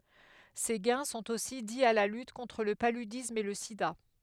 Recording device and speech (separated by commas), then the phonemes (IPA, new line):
headset microphone, read sentence
se ɡɛ̃ sɔ̃t osi di a la lyt kɔ̃tʁ lə palydism e lə sida